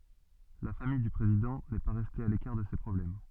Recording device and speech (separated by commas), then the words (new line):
soft in-ear microphone, read sentence
La famille du président n'est pas restée à l'écart de ces problèmes.